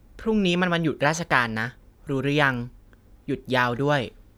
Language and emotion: Thai, neutral